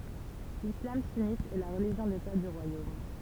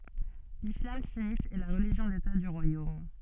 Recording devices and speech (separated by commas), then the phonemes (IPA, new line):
temple vibration pickup, soft in-ear microphone, read sentence
lislam synit ɛ la ʁəliʒjɔ̃ deta dy ʁwajom